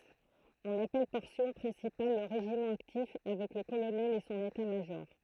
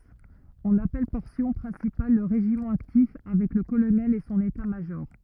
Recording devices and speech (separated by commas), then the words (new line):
throat microphone, rigid in-ear microphone, read sentence
On appelle Portion Principale le régiment actif, avec le Colonel et son État-major.